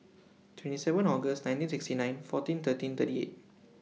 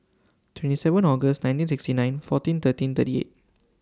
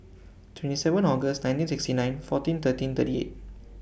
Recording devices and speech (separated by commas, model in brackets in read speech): mobile phone (iPhone 6), standing microphone (AKG C214), boundary microphone (BM630), read sentence